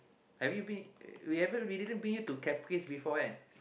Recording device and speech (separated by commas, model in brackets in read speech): boundary microphone, conversation in the same room